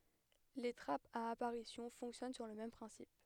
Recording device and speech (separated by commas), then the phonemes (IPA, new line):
headset microphone, read sentence
le tʁapz a apaʁisjɔ̃ fɔ̃ksjɔn syʁ lə mɛm pʁɛ̃sip